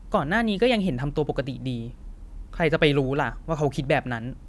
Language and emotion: Thai, frustrated